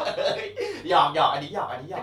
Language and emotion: Thai, happy